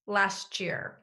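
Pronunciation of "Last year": In 'last year', the two words blend together.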